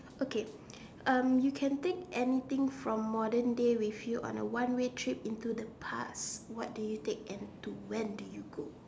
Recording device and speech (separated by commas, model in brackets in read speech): standing microphone, conversation in separate rooms